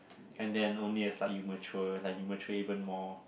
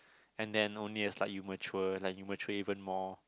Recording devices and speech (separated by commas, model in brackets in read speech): boundary microphone, close-talking microphone, conversation in the same room